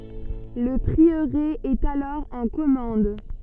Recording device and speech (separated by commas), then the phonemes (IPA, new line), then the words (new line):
soft in-ear microphone, read sentence
lə pʁiøʁe ɛt alɔʁ ɑ̃ kɔmɑ̃d
Le prieuré est alors en commende.